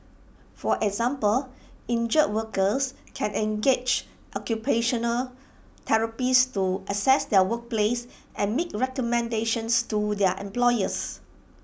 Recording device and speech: boundary microphone (BM630), read sentence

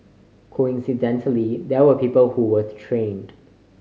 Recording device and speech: mobile phone (Samsung C5010), read sentence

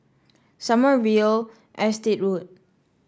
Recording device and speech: standing microphone (AKG C214), read sentence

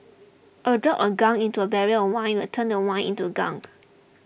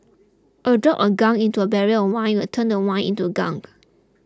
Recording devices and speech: boundary microphone (BM630), close-talking microphone (WH20), read sentence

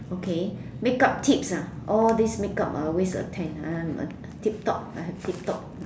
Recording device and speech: standing microphone, conversation in separate rooms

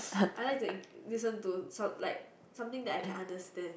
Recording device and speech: boundary microphone, conversation in the same room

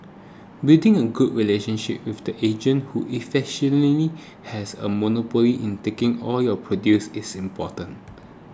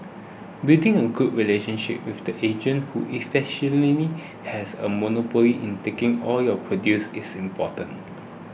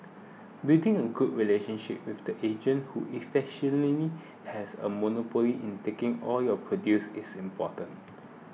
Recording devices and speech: close-talking microphone (WH20), boundary microphone (BM630), mobile phone (iPhone 6), read sentence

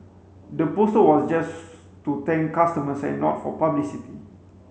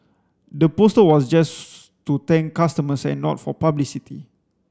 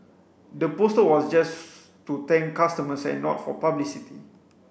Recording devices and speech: mobile phone (Samsung C5), standing microphone (AKG C214), boundary microphone (BM630), read sentence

